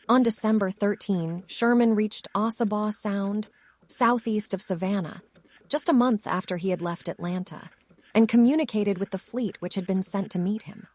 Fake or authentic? fake